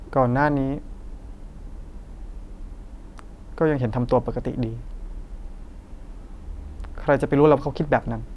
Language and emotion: Thai, frustrated